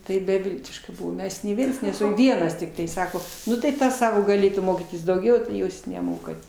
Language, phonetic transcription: Lithuanian, tai beˈviltiška ˈmes nei ˈviens neˈsu ˈvienas tikˈtai ˈsako ˈnu tai ˈtas ˈsako gaˈlėtų ˈmokytis dauˈgiau tai ˈjūs neˈmokat

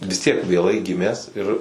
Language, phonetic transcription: Lithuanian, vis tiek vėˈlai ˈgimęs ir

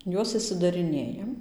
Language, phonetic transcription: Lithuanian, ˈjuos išsidariˈnėjam

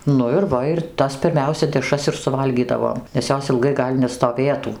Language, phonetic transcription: Lithuanian, ˈnu ir ˈva ir ˈtas pirˈmiausia deˈšras ir suˈvalgydavom nes ˈjos ilˈgai ˈgal' nestoˈvėtų

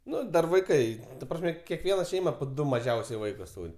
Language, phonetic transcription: Lithuanian, ˈnu ˈdar vaiˈkai ta ˈprasme keˈkviena ˈšeima po ˈdu maˈžiausiai ˈvaikus ˈtūr'

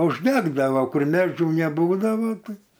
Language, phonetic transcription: Lithuanian, užˈdegdavo ˈkur ˈmedžių neˈbūdavo ˈtai

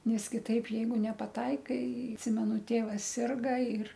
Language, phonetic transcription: Lithuanian, ˈnes kiˈtaip ˈjeigu nepaˈtaikai atˈsimenu ˈtėvas ˈsirga ir

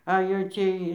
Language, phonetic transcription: Lithuanian, a jau ˈciej

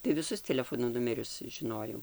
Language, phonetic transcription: Lithuanian, tai viˈsus teleˈfono ˈnumerius žiˈnojau

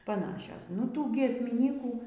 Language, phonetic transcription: Lithuanian, paˈnašios nu ˈtų giesmiˈnykų

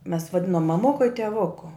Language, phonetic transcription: Lithuanian, mes vaˈdinom maˈmuku i teˈvuku

